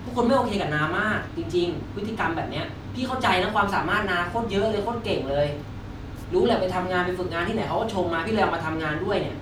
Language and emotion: Thai, frustrated